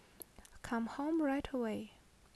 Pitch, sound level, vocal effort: 250 Hz, 71 dB SPL, soft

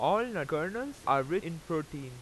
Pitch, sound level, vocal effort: 165 Hz, 94 dB SPL, loud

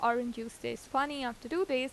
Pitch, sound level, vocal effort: 245 Hz, 86 dB SPL, normal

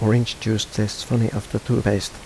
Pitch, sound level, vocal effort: 110 Hz, 78 dB SPL, soft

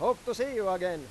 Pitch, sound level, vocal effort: 220 Hz, 101 dB SPL, very loud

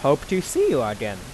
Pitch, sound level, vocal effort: 140 Hz, 92 dB SPL, normal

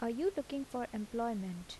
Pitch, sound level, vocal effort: 235 Hz, 79 dB SPL, soft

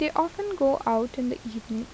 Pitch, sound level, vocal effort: 255 Hz, 80 dB SPL, soft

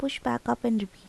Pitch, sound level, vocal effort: 200 Hz, 77 dB SPL, soft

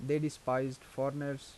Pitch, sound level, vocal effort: 135 Hz, 83 dB SPL, normal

